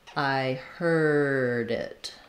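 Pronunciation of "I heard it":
In 'I heard it', the d at the end of 'heard' links straight into 'it' as a flap. It is not a strong d.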